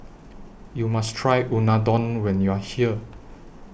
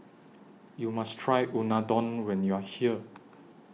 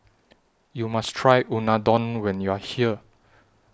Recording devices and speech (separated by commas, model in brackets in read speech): boundary microphone (BM630), mobile phone (iPhone 6), standing microphone (AKG C214), read sentence